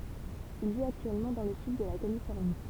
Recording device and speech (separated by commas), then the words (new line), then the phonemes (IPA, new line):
temple vibration pickup, read sentence
Il vit actuellement dans le sud de la Californie.
il vit aktyɛlmɑ̃ dɑ̃ lə syd də la kalifɔʁni